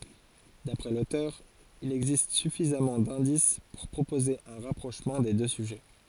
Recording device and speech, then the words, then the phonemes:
forehead accelerometer, read sentence
D'après l'auteur, il existe suffisamment d'indices pour proposer un rapprochement des deux sujets.
dapʁɛ lotœʁ il ɛɡzist syfizamɑ̃ dɛ̃dis puʁ pʁopoze œ̃ ʁapʁoʃmɑ̃ de dø syʒɛ

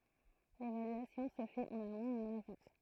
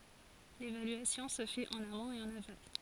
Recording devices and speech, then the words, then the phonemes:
throat microphone, forehead accelerometer, read sentence
L'évaluation se fait en amont et en aval.
levalyasjɔ̃ sə fɛt ɑ̃n amɔ̃t e ɑ̃n aval

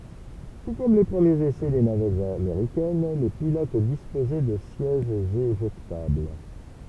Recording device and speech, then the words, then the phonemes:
temple vibration pickup, read sentence
Tout comme les premiers essais des navettes américaines, les pilotes disposaient de sièges éjectables.
tu kɔm le pʁəmjez esɛ de navɛtz ameʁikɛn le pilot dispozɛ də sjɛʒz eʒɛktabl

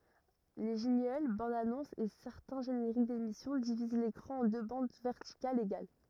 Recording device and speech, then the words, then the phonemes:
rigid in-ear microphone, read sentence
Les jingles, bandes-annonces et certains génériques d'émissions divisent l'écran en deux bandes verticales égales.
le ʒɛ̃ɡl bɑ̃dzanɔ̃sz e sɛʁtɛ̃ ʒeneʁik demisjɔ̃ diviz lekʁɑ̃ ɑ̃ dø bɑ̃d vɛʁtikalz eɡal

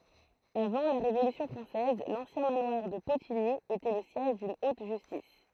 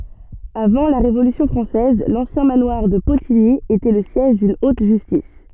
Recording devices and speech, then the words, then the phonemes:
throat microphone, soft in-ear microphone, read sentence
Avant la Révolution française, l'ancien manoir de Potigny était le siège d'une haute justice.
avɑ̃ la ʁevolysjɔ̃ fʁɑ̃sɛz lɑ̃sjɛ̃ manwaʁ də potiɲi etɛ lə sjɛʒ dyn ot ʒystis

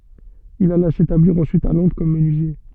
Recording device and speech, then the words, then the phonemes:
soft in-ear microphone, read sentence
Il alla s'établir ensuite à Londres comme menuisier.
il ala setabliʁ ɑ̃syit a lɔ̃dʁ kɔm mənyizje

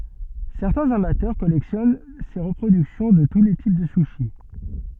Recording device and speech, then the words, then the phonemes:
soft in-ear microphone, read sentence
Certains amateurs collectionnent ces reproductions de tous les types de sushis.
sɛʁtɛ̃z amatœʁ kɔlɛksjɔn se ʁəpʁodyksjɔ̃ də tu le tip də syʃi

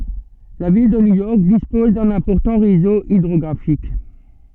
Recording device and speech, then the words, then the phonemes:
soft in-ear microphone, read sentence
La ville de New York dispose d'un important réseau hydrographique.
la vil də njujɔʁk dispɔz dœ̃n ɛ̃pɔʁtɑ̃ ʁezo idʁɔɡʁafik

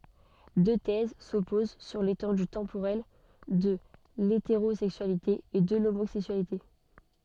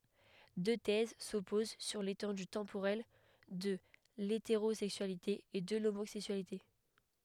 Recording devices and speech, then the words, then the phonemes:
soft in-ear microphone, headset microphone, read sentence
Deux thèses s’opposent sur l’étendue temporelle de l’hétérosexualité et de l’homosexualité.
dø tɛz sɔpoz syʁ letɑ̃dy tɑ̃poʁɛl də leteʁozɛksyalite e də lomozɛksyalite

